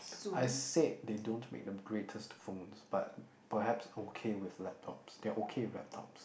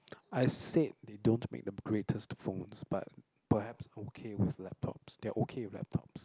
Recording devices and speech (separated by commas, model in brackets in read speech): boundary microphone, close-talking microphone, conversation in the same room